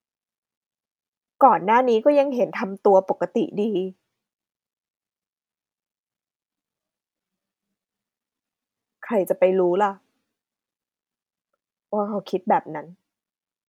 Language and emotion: Thai, sad